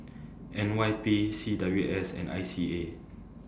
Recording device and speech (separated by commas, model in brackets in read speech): standing microphone (AKG C214), read sentence